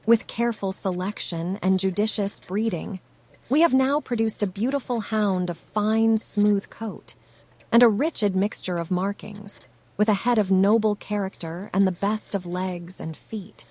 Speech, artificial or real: artificial